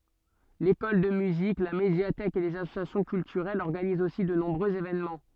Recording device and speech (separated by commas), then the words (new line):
soft in-ear microphone, read sentence
L'école de musique, la médiathèque et les associations culturelles organisent aussi de nombreux événements.